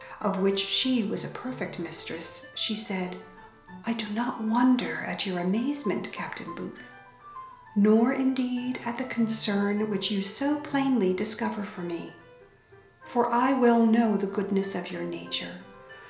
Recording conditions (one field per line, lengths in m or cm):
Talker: one person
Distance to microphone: 1.0 m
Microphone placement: close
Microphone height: 1.1 m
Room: small (3.7 m by 2.7 m)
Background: music